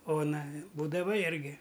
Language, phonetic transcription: Lithuanian, ˈona ˈbūdava ˈirgi

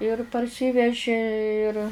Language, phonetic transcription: Lithuanian, ir parˈsyvežė ir

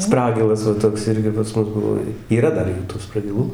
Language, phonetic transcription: Lithuanian, ˈspragilas va ˈtoks ˈirgi pas ˈmus ˈbuvo yˈra ˈdar ˈjų tų spragiˈlų

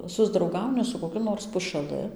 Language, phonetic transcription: Lithuanian, susdrauˈgauni su koˈkiu nors pušaˈlɨ

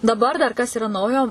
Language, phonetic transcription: Lithuanian, daˈbar dar ˈkas yˈra ˈnaujo

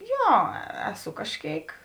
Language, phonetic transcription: Lithuanian, ˈjo ˈeˌsu kažˈkėik

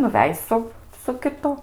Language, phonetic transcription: Lithuanian, nuˈvej su su kiˈtu

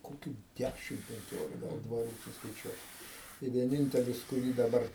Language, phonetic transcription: Lithuanian, koˈkių ˈdæšim penˈkiolika ˈgal dvaˈrų suskaiˈčiuot tai vieˈnintelis kuˈrį daˈbar

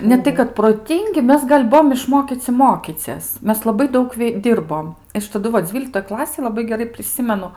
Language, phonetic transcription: Lithuanian, neˈtai kad proˈtingi ˈmes gal' ˈbuvom išˈmokyci ˈmokycies ˈmes laˈbai ˈdaug ˈdyrbom ˈaš taˈdu va ˈdzvyliktoj ˈklasėj laˈbai geˈrai priˈsimenu

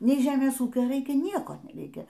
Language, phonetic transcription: Lithuanian, nei ˈžemės ˈūkio ˈraikia ˈnieko neˈreikia

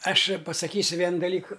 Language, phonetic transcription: Lithuanian, ˈaš pasaˈkysiu ˈvienu daˈlyku

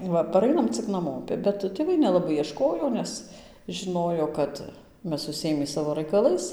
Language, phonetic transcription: Lithuanian, ˈva paˈrainam cik naˈmopi bet tėˈvai nelaˈbai ieˈškojo ˈnes žiˈnojo ˈkad ˈmes užsiˈėmį ˈsavo raikaˈlais

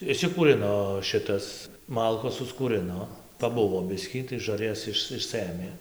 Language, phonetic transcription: Lithuanian, išsikūˈrino ˈšitas ˈmalkos suskūrɨno paˈbuvo ˈbiskį tai žarˈjas ˈiš išˈsɘmė

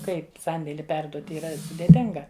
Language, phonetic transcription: Lithuanian, ˈkaip ˈsandėli ˈperduot yˈra sudėˈtinga

